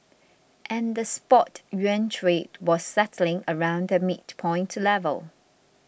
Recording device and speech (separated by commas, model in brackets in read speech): boundary microphone (BM630), read sentence